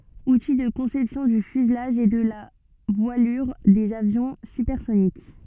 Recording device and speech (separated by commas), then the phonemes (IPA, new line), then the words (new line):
soft in-ear microphone, read sentence
uti də kɔ̃sɛpsjɔ̃ dy fyzlaʒ e də la vwalyʁ dez avjɔ̃ sypɛʁsonik
Outils de conception du fuselage et de la voilure des avions supersoniques.